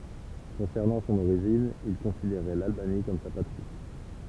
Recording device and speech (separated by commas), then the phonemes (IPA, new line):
temple vibration pickup, read sentence
kɔ̃sɛʁnɑ̃ sɔ̃n oʁiʒin il kɔ̃sideʁɛ lalbani kɔm sa patʁi